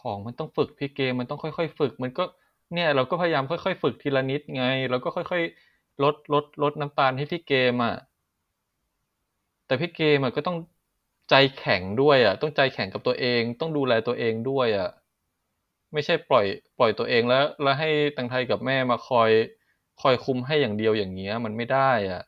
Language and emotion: Thai, frustrated